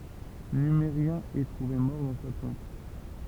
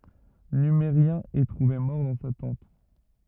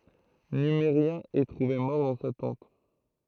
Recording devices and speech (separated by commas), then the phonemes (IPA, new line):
temple vibration pickup, rigid in-ear microphone, throat microphone, read sentence
nymeʁjɛ̃ ɛ tʁuve mɔʁ dɑ̃ sa tɑ̃t